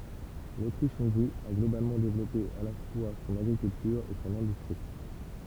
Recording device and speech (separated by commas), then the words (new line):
temple vibration pickup, read sentence
L'Autriche-Hongrie a globalement développé à la fois son agriculture et son industrie.